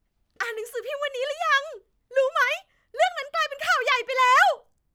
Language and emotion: Thai, happy